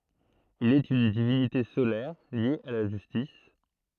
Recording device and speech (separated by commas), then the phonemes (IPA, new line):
throat microphone, read sentence
il ɛt yn divinite solɛʁ lje a la ʒystis